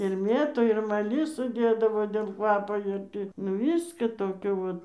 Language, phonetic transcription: Lithuanian, ir ˈmėtų ir maˈlisų ˈdėdavo dėl ˈkvapo ir ˈtį nu ˈviska ˈtokio vat

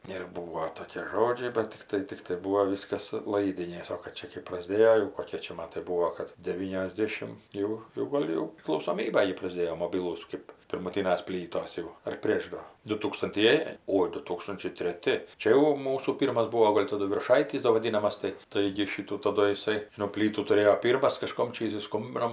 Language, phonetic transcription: Lithuanian, ir ˈbūo ˈtokė ˈžodžiai ˈbat tikˈtai tikˈtai ˈbūo ˈviskas ˈlaidinės o kad ˈčia kɜp prasˈdėjo jau koˈkie čia ˈmatai ˈbūo kad deˌvyniosˈdėšim ˈjau jau ˈgol' jau priklausoˈmyba gi prasˈdėjo moˈbilūs ˈkɜp pirmuˈtynas ˈplytos jau ar ˈprėš ˈdo dutūkstanˈtieji ˈoi du ˈtūkstunčiai treˈti ˈčia jau ˈmūsų ˈpyrmas ˈbūo ˈgol' taˈdu virˈšaitys do vaˈdynamas ˈtai ˈtaigi ˈšitų taˈdu jiˈsai nu ˈplytų tuˈrėjo ˈpyrmas kaˈžkom ˈčia jiˈsai ˈskumbino

